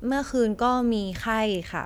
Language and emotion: Thai, neutral